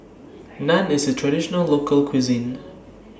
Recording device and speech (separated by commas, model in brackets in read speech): standing microphone (AKG C214), read sentence